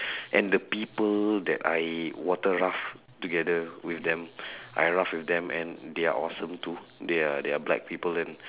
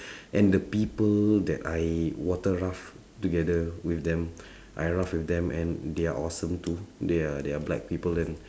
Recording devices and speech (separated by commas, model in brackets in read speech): telephone, standing microphone, conversation in separate rooms